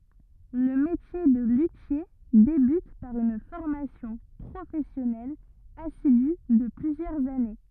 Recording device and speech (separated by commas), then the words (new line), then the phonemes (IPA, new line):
rigid in-ear microphone, read sentence
Le métier de luthier débute par une formation professionnelle assidue de plusieurs années.
lə metje də lytje debyt paʁ yn fɔʁmasjɔ̃ pʁofɛsjɔnɛl asidy də plyzjœʁz ane